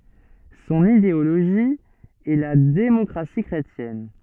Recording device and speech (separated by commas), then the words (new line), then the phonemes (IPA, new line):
soft in-ear microphone, read sentence
Son idéologie est la démocratie chrétienne.
sɔ̃n ideoloʒi ɛ la demɔkʁasi kʁetjɛn